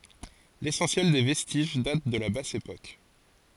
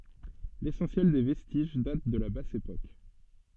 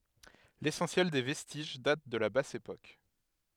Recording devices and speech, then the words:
forehead accelerometer, soft in-ear microphone, headset microphone, read sentence
L'essentiel des vestiges date de la Basse époque.

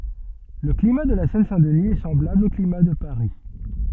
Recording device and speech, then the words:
soft in-ear microphone, read sentence
Le climat de la Seine-Saint-Denis est semblable au climat de Paris.

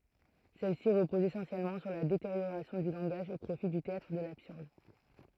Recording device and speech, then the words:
throat microphone, read sentence
Celles-ci reposent essentiellement sur la détérioration du langage, au profit du théâtre de l'absurde.

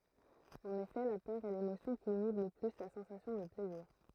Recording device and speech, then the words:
throat microphone, read sentence
En effet la peur est l'émotion qui inhibe le plus la sensation de plaisir.

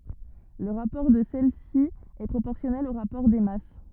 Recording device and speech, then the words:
rigid in-ear microphone, read sentence
Le rapport de celles-ci est proportionnel au rapport des masses.

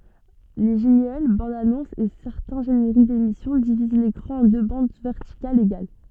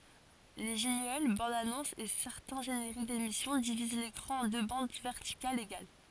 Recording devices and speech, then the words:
soft in-ear microphone, forehead accelerometer, read sentence
Les jingles, bandes-annonces et certains génériques d'émissions divisent l'écran en deux bandes verticales égales.

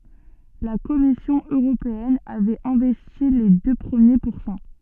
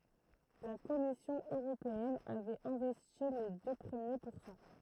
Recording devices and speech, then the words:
soft in-ear microphone, throat microphone, read sentence
La Commission européenne avait investi les deux premiers pourcents.

